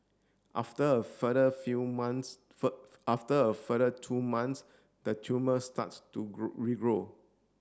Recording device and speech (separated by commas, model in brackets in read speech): standing microphone (AKG C214), read sentence